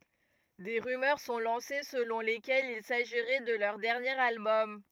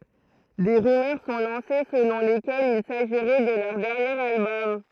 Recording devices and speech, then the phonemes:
rigid in-ear microphone, throat microphone, read sentence
de ʁymœʁ sɔ̃ lɑ̃se səlɔ̃ lekɛlz il saʒiʁɛ də lœʁ dɛʁnjeʁ albɔm

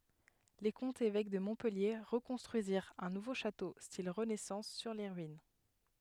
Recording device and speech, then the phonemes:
headset microphone, read sentence
le kɔ̃tz evɛk də mɔ̃pɛlje ʁəkɔ̃stʁyiziʁt œ̃ nuvo ʃato stil ʁənɛsɑ̃s syʁ le ʁyin

